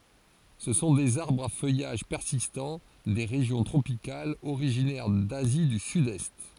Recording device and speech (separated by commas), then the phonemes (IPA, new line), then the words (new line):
forehead accelerometer, read sentence
sə sɔ̃ dez aʁbʁz a fœjaʒ pɛʁsistɑ̃ de ʁeʒjɔ̃ tʁopikalz oʁiʒinɛʁ dazi dy sydɛst
Ce sont des arbres à feuillage persistant, des régions tropicales, originaires d'Asie du Sud-Est.